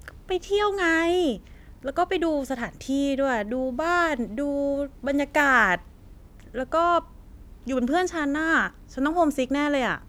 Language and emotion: Thai, neutral